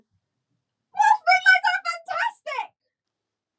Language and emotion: English, disgusted